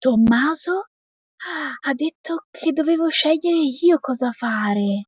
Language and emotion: Italian, surprised